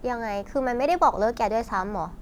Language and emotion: Thai, frustrated